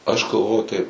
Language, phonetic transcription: Lithuanian, aš galˈvo taip

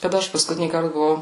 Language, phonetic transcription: Lithuanian, kaˈda ˈaš paskuˈtinįkart buˈvau

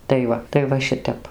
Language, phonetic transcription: Lithuanian, tai ˈva tai ˈva ˈšitep

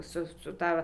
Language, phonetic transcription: Lithuanian, ˈsu su ˈta

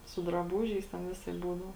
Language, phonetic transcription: Lithuanian, su draˈbūžiais ten ˈvisaip ˈbūdau

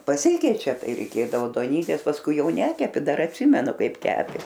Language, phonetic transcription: Lithuanian, paˈsikeičia ˈtai reiˈkėdavo duoˈnytės pasˈkui ˈjau ˈnekepi ˈdar atˈsimenu ˈkaip ˈkepė

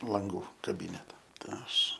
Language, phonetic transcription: Lithuanian, lanˈgų kaˈbyneta tai ˈaš

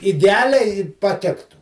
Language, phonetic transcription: Lithuanian, ideˈaliai paˈtiktu

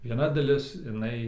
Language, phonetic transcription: Lithuanian, vieˈna daˈlis iˈnai

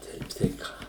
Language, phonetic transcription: Lithuanian, ˈteip tai ˈką

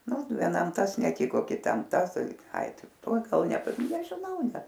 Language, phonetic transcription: Lithuanian, ˈnu vieˈnam ˈtas neˈtiko kiˈtam ˈtas ˈtai ai ˈtai ˈtuo ˈgal nepa nežiˈnau ˈnet

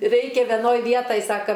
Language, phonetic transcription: Lithuanian, ˈreikia veˈnoj ˈvietaj ˈsaka

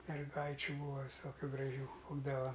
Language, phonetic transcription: Lithuanian, merˈgaičiu ˈbūa viˈsokiu graˈžių ˈbūdava

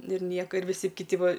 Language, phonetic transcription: Lithuanian, ˈnu ir ˈnieko ir viˈsi kiˈti ˈva

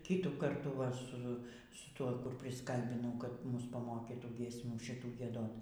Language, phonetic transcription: Lithuanian, ˈkytų ˈkartų va ˈsu su ˈtuo ˈkur prisˈkalbinau kad ˈmus paˈmokytų giesˈmių šiˈtų gieˈdot

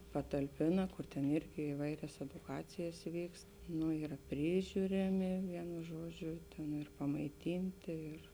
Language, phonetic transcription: Lithuanian, patalˈpėna ˈkur ten ˈirgi iˈvairias eduˈkacijas ˈvykst ˈnu ˈyra ˈpryžiuriami ˈvienu ˈžuoˌdžiu nu ir pamaiˈtintė ˈir

